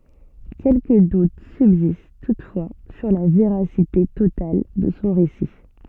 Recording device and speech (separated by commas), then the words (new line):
soft in-ear microphone, read sentence
Quelques doutes subsistent toutefois sur la véracité totale de son récit.